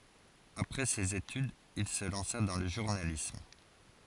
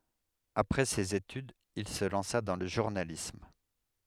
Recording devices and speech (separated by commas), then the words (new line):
forehead accelerometer, headset microphone, read sentence
Après ses études, il se lança dans le journalisme.